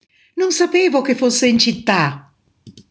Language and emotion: Italian, surprised